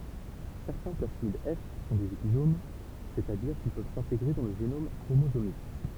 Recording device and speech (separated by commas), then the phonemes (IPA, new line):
temple vibration pickup, read sentence
sɛʁtɛ̃ plasmid ɛf sɔ̃ dez epizom sɛt a diʁ kil pøv sɛ̃teɡʁe dɑ̃ lə ʒenom kʁomozomik